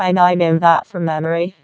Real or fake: fake